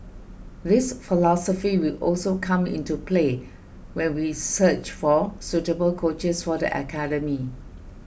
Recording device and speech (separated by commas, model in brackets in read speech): boundary microphone (BM630), read sentence